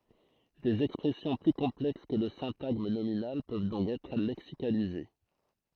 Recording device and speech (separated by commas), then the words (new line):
throat microphone, read sentence
Des expressions plus complexes que le syntagme nominal peuvent donc être lexicalisées.